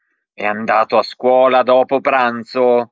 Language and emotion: Italian, angry